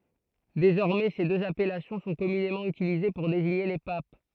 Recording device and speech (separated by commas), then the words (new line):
throat microphone, read sentence
Désormais, ces deux appellations sont communément utilisées pour désigner les papes.